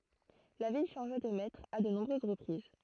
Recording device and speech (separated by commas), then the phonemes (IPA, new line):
throat microphone, read sentence
la vil ʃɑ̃ʒa də mɛtʁz a də nɔ̃bʁøz ʁəpʁiz